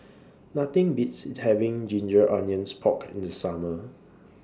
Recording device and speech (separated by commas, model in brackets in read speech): standing microphone (AKG C214), read sentence